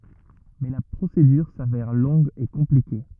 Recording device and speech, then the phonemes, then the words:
rigid in-ear microphone, read sentence
mɛ la pʁosedyʁ savɛʁ lɔ̃ɡ e kɔ̃plike
Mais la procédure s'avère longue et compliquée.

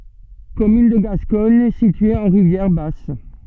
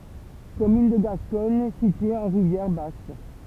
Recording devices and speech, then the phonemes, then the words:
soft in-ear microphone, temple vibration pickup, read sentence
kɔmyn də ɡaskɔɲ sitye ɑ̃ ʁivjɛʁ bas
Commune de Gascogne située en Rivière-Basse.

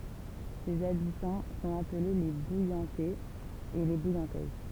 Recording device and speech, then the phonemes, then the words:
temple vibration pickup, read sentence
sez abitɑ̃ sɔ̃t aple le bujɑ̃tɛz e le bujɑ̃tɛz
Ses habitants sont appelés les Bouillantais et les Bouillantaises.

